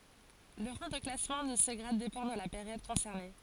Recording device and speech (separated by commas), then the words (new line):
forehead accelerometer, read sentence
Le rang de classement de ce grade dépend de la période concernée.